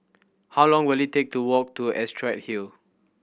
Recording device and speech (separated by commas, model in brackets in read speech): boundary microphone (BM630), read sentence